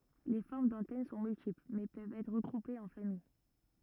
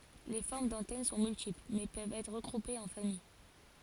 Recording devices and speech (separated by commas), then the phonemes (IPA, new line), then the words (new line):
rigid in-ear microphone, forehead accelerometer, read sentence
le fɔʁm dɑ̃tɛn sɔ̃ myltipl mɛ pøvt ɛtʁ ʁəɡʁupez ɑ̃ famij
Les formes d'antennes sont multiples, mais peuvent être regroupées en familles.